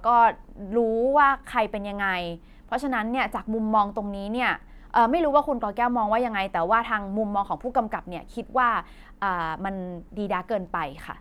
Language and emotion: Thai, frustrated